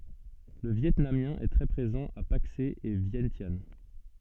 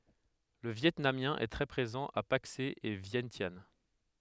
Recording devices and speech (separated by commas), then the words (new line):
soft in-ear microphone, headset microphone, read sentence
Le vietnamien est très présent à Paksé et Vientiane.